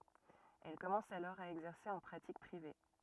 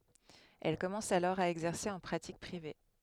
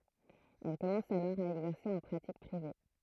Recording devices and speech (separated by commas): rigid in-ear microphone, headset microphone, throat microphone, read sentence